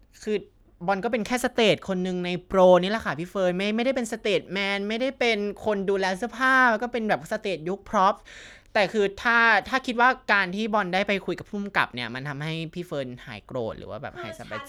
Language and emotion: Thai, frustrated